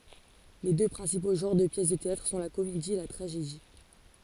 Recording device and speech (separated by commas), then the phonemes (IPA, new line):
forehead accelerometer, read sentence
le dø pʁɛ̃sipo ʒɑ̃ʁ də pjɛs də teatʁ sɔ̃ la komedi e la tʁaʒedi